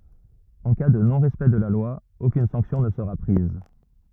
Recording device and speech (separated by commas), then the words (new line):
rigid in-ear microphone, read sentence
En cas de non-respect de la loi, aucune sanction ne sera prise.